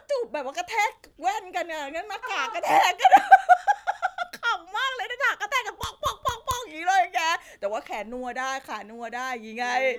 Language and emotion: Thai, happy